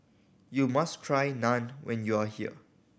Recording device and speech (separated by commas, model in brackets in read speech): boundary microphone (BM630), read sentence